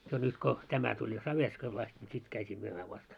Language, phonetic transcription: Finnish, jo nyt 'ko , 'tämä tuĺ jo 'Saverskoil ast ńi 'sit käyt́ii myömää 'vast .
- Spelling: jo nyt kun tämä tuli jo Saverskoilla asti niin sitten käytiin myymään vasta

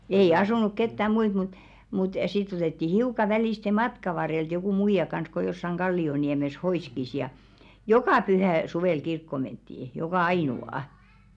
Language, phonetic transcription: Finnish, ei "asunuk 'kettä "muit mut , mut 'sitt ‿otetti 'hiuka välìste "matka varrelt jokù 'muija kans ko jossaŋ "ɢalli₍oniɛmes 'hoìskis ja , "jokà 'pyhä̀ , 'suvèl 'kirkko menttii , jokà 'aìnu₍à .
- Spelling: ei asunut ketään muita mutta mutta sitten otettiin hiukan välistä matkan varrelta joku muija kanssa kun jossakin kallioniemessä hoiski ja joka pyhä suvella kirkkoon mentiin joka ainoa

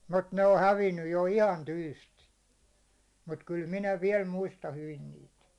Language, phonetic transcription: Finnish, mut 'ne o 'hävinnyj jo "ihan 'tyystin̬ , mut kyl "minä 'viɛl 'muista 'hyvin 'niit .
- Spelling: mutta ne on hävinnyt jo ihan tyystin mutta kyllä minä vielä muistan hyvin niitä

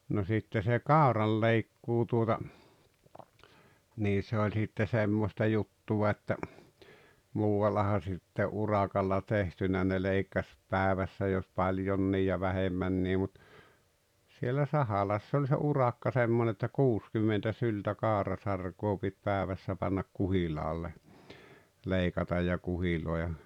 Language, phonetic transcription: Finnish, no 'sitte se "kàoralleikkuu tuota , nii 'se oĺ sitte "semmosta 'juttuwa että , 'muu₍allaha sitte '’urakalla 'tehtynä ne 'leikkaś , 'pä̀evässä jos 'paĺjonnii ja 'vähemmännii mut , sielä "Sahalass ‿oĺ se "urakka 'semmon ‿että "kuuskymmentä 'syltä "kàorasarkoo pit "pääᵉvässä pannak "kuhilaalle , 'leikataj ja 'kuhilòeja .
- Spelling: no sitten se kauranleikkuu tuota niin se oli sitten semmoista juttua että muuallahan sitten urakalla tehtynä ne leikkasi päivässä jos paljonkin ja vähemmänkin mutta siellä Sahalassa oli se urakka semmoinen että kuusikymmentä syltä kaurasarkaa piti päivässä panna kuhilaalle leikata ja kuhiloida

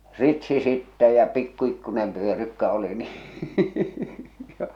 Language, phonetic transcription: Finnish, 'ritsi sittɛ ja pikku ikkune̳m pyörykkä oli ni .
- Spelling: ritsi sitten ja pikku pikkuinen pyörykkä oli niin

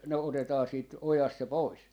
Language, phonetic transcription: Finnish, ne 'otetaa siit "ojast 'se "pois .
- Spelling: ne otetaan siitä ojasta se pois

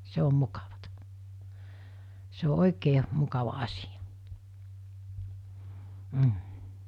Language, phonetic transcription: Finnish, 'se om 'mukavatᴀ , se o '’oikee , mukava asɪ₍ᴀ , m̥ .
- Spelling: se on mukavaa se on oikein mukava asia mm

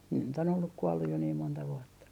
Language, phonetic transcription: Finnish, ne nyt ‿on olluk 'kuɔlluj jo niim monta vuɔtta .
- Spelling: ne nyt on ollut kuollut jo niin monta vuotta

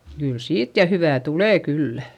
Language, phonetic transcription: Finnish, kyl siit ja hyvä̀ tulè kyllä .
- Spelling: kyllä siitä ja hyvää tulee kyllä

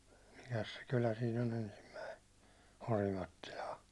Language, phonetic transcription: Finnish, 'mikäs se 'kylä siin ‿on 'ensimmäi , 'Orimattilaa ?
- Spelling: mikäs se kylä siinä on ensimmäinen Orimattilaa

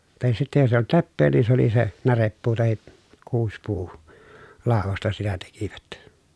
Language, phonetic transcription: Finnish, tahis sitte jos ‿eij ‿olt leppee ni se ‿oli se , näreppuu tahi , kuuspuu- , -làovosta sitä tekivät .
- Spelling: tai sitten jos ei ollut leppää niin se oli se närepuu tai - kuusipuulaudasta sitä tekivät

